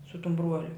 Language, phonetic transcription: Lithuanian, su tum ˈbruoliu

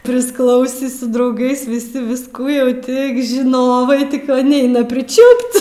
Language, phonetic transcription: Lithuanian, prisˈklausį su drauˈgais viˈsi visˈkų jau ˈtik žiˈnovai ˈtik va ˈneina priˈčiūp't'

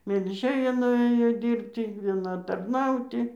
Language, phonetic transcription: Lithuanian, melˈžėja nuˈėjo ˈdyrbty vieˈna tarˈnauti

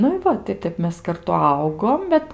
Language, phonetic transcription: Lithuanian, ˈnu i ˈva tai ˈtep mes karˈtu ˈaugom ˈbet

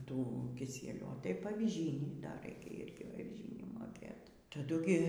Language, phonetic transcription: Lithuanian, ˈtų kiˈsielių o taip aviˈžynį dar ˈraikia ˈirgi aviˈžynį moˈkėt taˈdu gi

